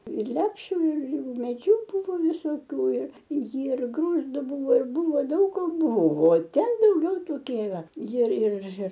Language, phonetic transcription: Lithuanian, ir ˈlepšiu ir ir umėˈdžių ˈbuvo visoˈkių ir jir ˈgrūzdu ˈbūvo ir ˈbūvo ˈdaug ko ˈbuvo ˈten dauˈgiau toˈkie iˈra ˈjir ˈjir ˈjir

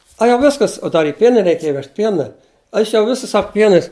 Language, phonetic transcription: Lithuanian, a jau ˈviskas o ˈdar i ˈpienin' reiˈkėja ˈvežt ˈpiena ˈaš jau ˈvisus ˈsak ˈpienais

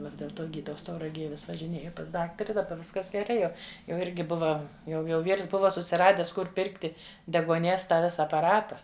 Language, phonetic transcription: Lithuanian, ˈva dėl ˈto ˈgydaus tauraˈgėj vis važiˈnėju pas ˈdaktari daˈba ˈviskas geˈrai jau jau ˈirgi ˈbuva jau jau ˈvyrs ˈbuva susiˈrades ˈkur ˈpirkti deguoˈnies ˈtą ˈvisa apaˈrata

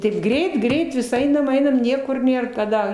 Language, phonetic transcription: Lithuanian, taip ˈgreit ˈgreit vis ˈainam ˈainam ˈniekur ˈnėr kaˈda

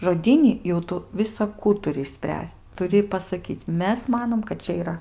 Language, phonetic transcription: Lithuanian, žoˈdyni jau ˈtu visaˈkų išˈspręs'c' tuˈri pasaˈkyc' ˈmes ˈmanom kad ˈčia yˈra

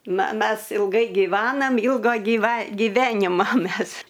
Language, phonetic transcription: Lithuanian, ˈna ˈmes ilˈgai giˈvanam ˈilga gyˈva giˈvenima ˈmes

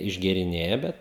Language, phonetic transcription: Lithuanian, išgėriˈnėja ˈbet

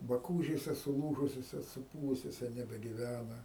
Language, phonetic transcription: Lithuanian, baˈkūžėse suˈlūžusiose suˈpūvusiose nebegiˈvæna

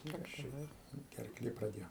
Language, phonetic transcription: Lithuanian, ˈkas čia ˈdar gerˈklė praˈdėjo

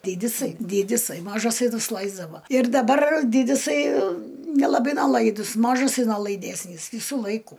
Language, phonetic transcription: Lithuanian, ˈdydisai ˈdydisai ˈmažasai nusˈlaisdavo ir daˈbar ˈdydisai nelaˈbai neˈlaidus ˈmažasai nolaiˈdesnys ˈvysų ˈlaiku

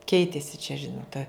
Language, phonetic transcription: Lithuanian, ˈkeitėsi čia ˈžinot ta

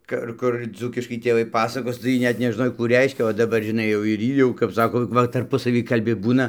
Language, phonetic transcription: Lithuanian, ˈkur ˈkur ˈdzūkiškai tėˈvai ˈpasakos tai ˈjy ˈnet nežˈnoj ˈkų ˈreiškia o daˈbar žiˈnai jau ir ˈy jau kap ˈsako ˈva tarˈpusavy kalˈbi ˈbūna

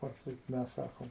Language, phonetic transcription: Lithuanian, ˈo ˈkaip ˈmes ˈsakom

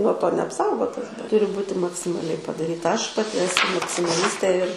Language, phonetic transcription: Lithuanian, nuo ˈto neapˈsaugotas ˈturi ˈbūti maksimaˈliai padaˈryta ˈaš paˈti eˈsu maksimaˈlistė ir

